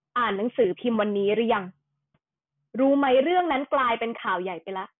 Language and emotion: Thai, angry